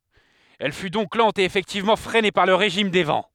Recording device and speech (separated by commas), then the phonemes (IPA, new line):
headset microphone, read sentence
ɛl fy dɔ̃k lɑ̃t e efɛktivmɑ̃ fʁɛne paʁ lə ʁeʒim de vɑ̃